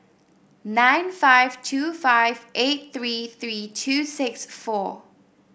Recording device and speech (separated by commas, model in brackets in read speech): boundary microphone (BM630), read sentence